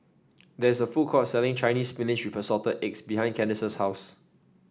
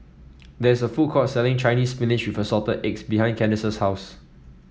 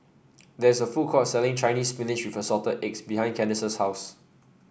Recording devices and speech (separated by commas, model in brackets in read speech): standing microphone (AKG C214), mobile phone (iPhone 7), boundary microphone (BM630), read sentence